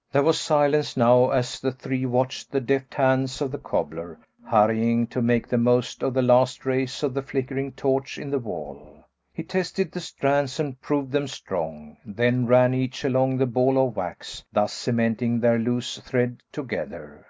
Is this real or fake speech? real